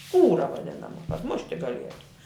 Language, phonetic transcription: Lithuanian, ˈskūra vaˈdinama kad ˈmušti gaˈlietu

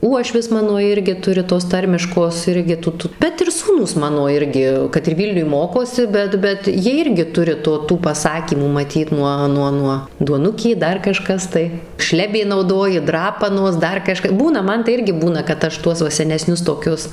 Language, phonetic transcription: Lithuanian, ˈuošvis ˈmano ˈirgi ˈturi tos ˈtarmiškos ˈirgi ˈtu ˈtu bet ir ˈsūnūs ˈmano ˈirgi kad ir ˈvylniuj ˈmokosi ˈbet ˈbet ˈjie ˈirgi ˈturi ˈto ˈtų paˈsakymų maˈtyt ˈnuo ˈnuo ˈnuo duoˈnukė ˈdar kaˈžkas tai ˈšlebė nauˈdoji ˈdrapanos ˈdar kaˈžka ˈbūna ˈman tai ˈirgi ˈbūna kad ˈaš ˈtuos va seneˈsnius toˈkius

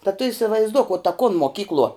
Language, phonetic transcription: Lithuanian, ta tu įsivaizˈduok u ta kun moˈkykluo

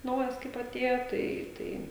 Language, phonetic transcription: Lithuanian, ˈnaujas kaip aˈtėjo ˈtai ˈtai

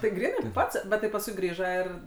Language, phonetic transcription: Lithuanian, tai ˈgrynai ˈpats ˈbet tai pasˈkui ˈgrįža ir

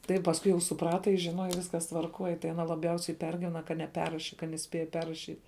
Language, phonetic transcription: Lithuanian, ˈtai pasˈkui jau suˈprata jis žiˈnoja ˈviskas tvarˈkoj tai aˈna laˈbjausiai ˈpergivena ka neˈperraši kad neˈspėja ˈperrašyt'

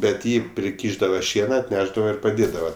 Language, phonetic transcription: Lithuanian, bet ˈjį priˈkyšdava ˈšiena atˈnešdava ir paˈdėdava

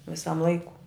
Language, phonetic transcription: Lithuanian, viˈsam ˈlaiku

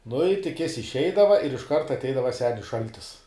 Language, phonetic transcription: Lithuanian, nu i tik ˈjis išˈeidava ir išˈkart atˈeidava ˈsenis ˈšaltis

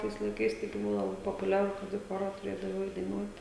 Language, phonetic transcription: Lithuanian, ˈtais laiˈkais taiˈgi ˈbuvo laˈbai popuˈliaru ˈkad į ˈchora tuˈrėdavai ˈeit daiˈnuot

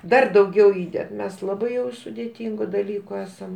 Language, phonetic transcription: Lithuanian, ˈdar dauˈgiau ˈįded ˈmes laˈbai jau sudėˈtingu daˈlyku ˈesam

